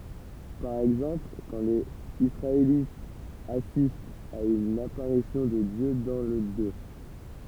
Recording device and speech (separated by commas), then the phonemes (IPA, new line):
temple vibration pickup, read sentence
paʁ ɛɡzɑ̃pl kɑ̃ lez isʁaelitz asistt a yn apaʁisjɔ̃ də djø dɑ̃ lə dø